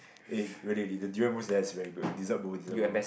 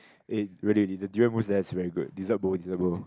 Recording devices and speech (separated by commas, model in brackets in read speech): boundary microphone, close-talking microphone, conversation in the same room